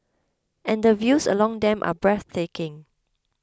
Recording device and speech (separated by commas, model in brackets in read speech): close-talking microphone (WH20), read sentence